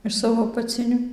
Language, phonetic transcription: Lithuanian, iš ˈsavo apaˈciniu

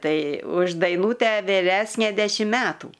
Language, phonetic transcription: Lithuanian, ˈtai už daiˈnūtę viˈresnė ˈdešim ˈmetų

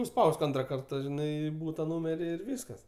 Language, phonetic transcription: Lithuanian, nuˈspausk ˈantra ˈkarta ˈžinai ˈbūta ˈnūmeri ir ˈvyskas

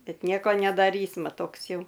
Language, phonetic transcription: Lithuanian, ˈbet ˈnieko nedaˈrysma ˈtoks ˈjau

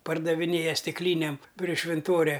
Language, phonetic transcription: Lithuanian, pardaviˈnėja stikˈlynėm pri švinˈtoria

